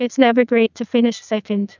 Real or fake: fake